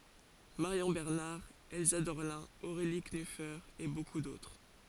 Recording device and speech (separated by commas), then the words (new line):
forehead accelerometer, read sentence
Marion Bernard, Elsa Dorlin, Aurélie Knüfer et beaucoup d'autres.